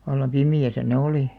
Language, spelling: Finnish, vallan pimeässä ne oli
- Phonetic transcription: vallam "pimi₍äsä ne "olì .

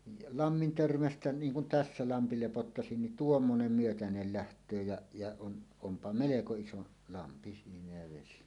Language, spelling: Finnish, ja lammin törmästä niin kuin tässä lampi lepottaisi niin tuommoinen myötäinen lähtee ja ja on onpa melko iso lampi siinä ja vesi
- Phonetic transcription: ja "lammin 'törmästä 'niiŋ kun "tässä 'lampi 'lepottasin nin "tuommonem 'myötänel läht̀öö jä , ja on , 'ompa "meleko 'iso lampi siinä jä vesi .

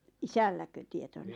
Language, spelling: Finnish, isälläkö tietona
- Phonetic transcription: isälläkö tietona ?

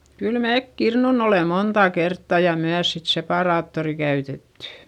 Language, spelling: Finnish, kyllä me kirnunnut olemme monta kertaa ja myös sitten separaattoria käytetty
- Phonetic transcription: kyl meek kirnun ‿ole montà kertta ja myäs sit sepàraattori käytettY .

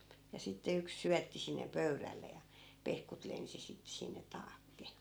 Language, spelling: Finnish, ja sitten yksi syötti sinne pöydälle ja pehkut lensi sitten sinne taakse
- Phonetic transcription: ja sitte 'yks 'syätti sinne 'pöyrälle ja , 'pehkut 'lensi sittᵉ sinne 'taakke .

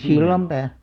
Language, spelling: Finnish, Sillanpää
- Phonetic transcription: Sillampää .

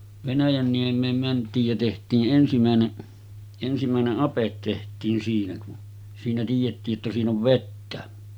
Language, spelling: Finnish, Venäjänniemeen mentiin ja tehtiin ensimmäinen ensimmäinen ape tehtiin siinä kun siinä tiedettiin että siinä on vettä
- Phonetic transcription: 'Venäjänniem̆meem mänt̆tiij jä teht̀ii’ '’ensimä̀ene’ , 'ensimä̀eneˀ "ˀapet teht̀iin siinä kun , siinä tiijettii ‿ttä 'siin ‿ov "vettä .

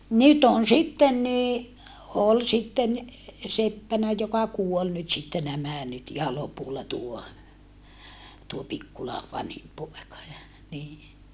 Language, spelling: Finnish, nyt on sitten niin oli sitten seppänä joka kuoli nyt sitten nämä nyt ihan lopulla tuo tuo Pikkulan vanhin poika ja niin
- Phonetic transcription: nyt ‿on sitten ni , ol sitten , seppänä joka kuol nyt sitte nämä nyt iha lopulla tuo , tuo Pikkula , vanhim poeka ja , nii .

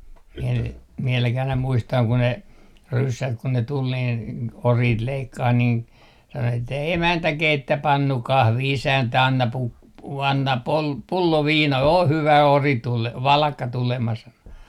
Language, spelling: Finnish, minä niitä vieläkin aina muistan kun ne ryssät kun ne tuli niin oriit leikkaamaan niin sanoi että emäntä keitä pannu kahvi isäntä anna - anna - pullo viina ole hyvä ori - valakka tulemas sanoi
- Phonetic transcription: miɛ niit , viɛläkih ‿aina 'muistaŋ ku ne , 'ryssät kun ne 'tul niin , "oriit 'leikkaah niin , sano että » 'emäntä 'keittä 'pannu 'kahvi 'isäntä 'anna 'pu- , 'anna 'pol- , 'pullo "viina o 'hyvä 'ori 'tule- , 'valakka 'tulemas » sano .

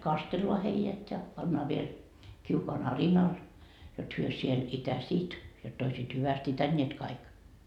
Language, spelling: Finnish, kastellaan heidät ja pannaan vielä kiukaan arinalle jotta he siellä itäisivät jotta olisivat hyvästi itäneet kaikki
- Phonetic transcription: "kastelloa heijät ja , 'pannaa viel , kiukoan "arinal , jot hyö siel , "itäsiit , jott ‿oisiit 'hyväst "itäńńiet kaik .

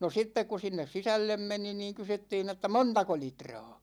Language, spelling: Finnish, no sitten kun sinne sisälle meni niin kysyttiin että montako litraa
- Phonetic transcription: no 'sittek ku 'sinnes "sisällem 'meni niiŋ 'kysyttiin ‿että » "montako 'litra̭a̭ « .

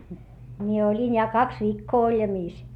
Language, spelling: Finnish, minä olin ja kaksi viikkoa oljamissa
- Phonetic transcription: mie oĺin ja kaks viikkoo oĺjamiis .

